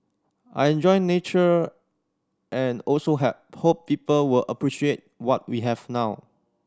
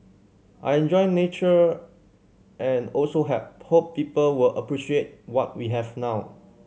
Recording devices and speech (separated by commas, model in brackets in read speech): standing microphone (AKG C214), mobile phone (Samsung C7100), read sentence